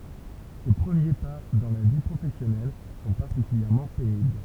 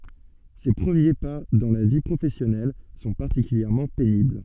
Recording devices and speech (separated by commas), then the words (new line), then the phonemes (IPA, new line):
temple vibration pickup, soft in-ear microphone, read sentence
Ses premiers pas dans la vie professionnelle sont particulièrement pénibles.
se pʁəmje pa dɑ̃ la vi pʁofɛsjɔnɛl sɔ̃ paʁtikyljɛʁmɑ̃ penibl